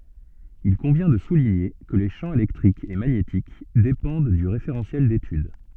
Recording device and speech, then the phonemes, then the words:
soft in-ear microphone, read sentence
il kɔ̃vjɛ̃ də suliɲe kə le ʃɑ̃ elɛktʁik e maɲetik depɑ̃d dy ʁefeʁɑ̃sjɛl detyd
Il convient de souligner que les champs électrique et magnétique dépendent du référentiel d'étude.

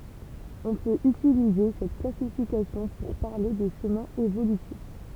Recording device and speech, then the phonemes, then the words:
temple vibration pickup, read sentence
ɔ̃ pøt ytilize sɛt klasifikasjɔ̃ puʁ paʁle də ʃəmɛ̃z evolytif
On peut utiliser cette classification pour parler de chemins évolutifs.

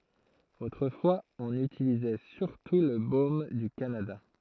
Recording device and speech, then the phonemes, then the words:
throat microphone, read sentence
otʁəfwaz ɔ̃n ytilizɛ syʁtu lə bom dy kanada
Autrefois, on utilisait surtout le baume du Canada.

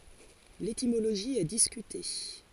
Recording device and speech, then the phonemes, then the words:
forehead accelerometer, read sentence
letimoloʒi ɛ diskyte
L'étymologie est discutée.

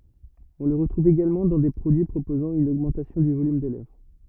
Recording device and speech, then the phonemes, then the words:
rigid in-ear microphone, read sentence
ɔ̃ lə ʁətʁuv eɡalmɑ̃ dɑ̃ de pʁodyi pʁopozɑ̃ yn oɡmɑ̃tasjɔ̃ dy volym de lɛvʁ
On le retrouve également dans des produits proposant une augmentation du volume des lèvres.

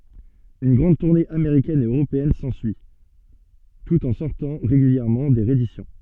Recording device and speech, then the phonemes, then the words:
soft in-ear microphone, read sentence
yn ɡʁɑ̃d tuʁne ameʁikɛn e øʁopeɛn sɑ̃syi tut ɑ̃ sɔʁtɑ̃ ʁeɡyljɛʁmɑ̃ de ʁeedisjɔ̃
Une grande tournée américaine et européenne s'ensuit, tout en sortant régulièrement des rééditions.

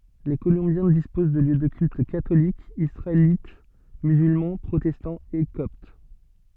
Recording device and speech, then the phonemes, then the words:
soft in-ear microphone, read sentence
le kolɔ̃bjɛ̃ dispoz də ljø də kylt katolik isʁaelit myzylmɑ̃ pʁotɛstɑ̃ e kɔpt
Les Colombiens disposent de lieux de culte catholique, israélite, musulman, protestant et copte.

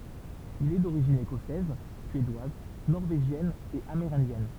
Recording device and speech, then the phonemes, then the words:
temple vibration pickup, read sentence
il ɛ doʁiʒin ekɔsɛz syedwaz nɔʁveʒjɛn e ameʁɛ̃djɛn
Il est d'origine écossaise, suédoise, norvégienne et amérindienne.

